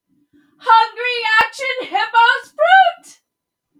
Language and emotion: English, surprised